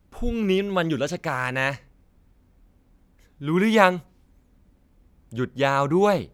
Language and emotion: Thai, frustrated